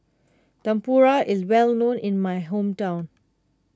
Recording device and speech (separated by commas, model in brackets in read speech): close-talking microphone (WH20), read sentence